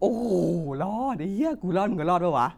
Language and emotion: Thai, happy